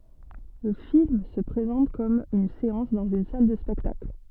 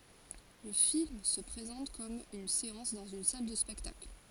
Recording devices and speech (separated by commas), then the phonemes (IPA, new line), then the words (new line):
soft in-ear microphone, forehead accelerometer, read sentence
lə film sə pʁezɑ̃t kɔm yn seɑ̃s dɑ̃z yn sal də spɛktakl
Le film se présente comme une séance dans une salle de spectacle.